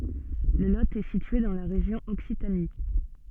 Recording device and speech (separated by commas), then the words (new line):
soft in-ear microphone, read sentence
Le Lot est situé dans la région Occitanie.